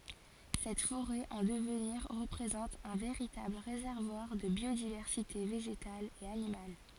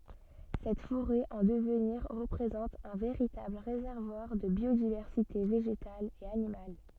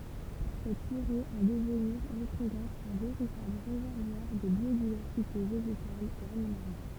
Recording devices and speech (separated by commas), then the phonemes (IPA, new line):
forehead accelerometer, soft in-ear microphone, temple vibration pickup, read sentence
sɛt foʁɛ ɑ̃ dəvniʁ ʁəpʁezɑ̃t œ̃ veʁitabl ʁezɛʁvwaʁ də bjodivɛʁsite veʒetal e animal